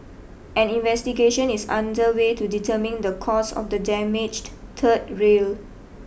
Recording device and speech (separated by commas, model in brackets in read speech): boundary microphone (BM630), read sentence